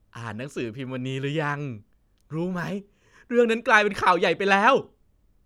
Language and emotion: Thai, happy